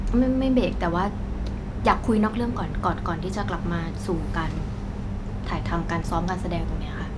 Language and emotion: Thai, neutral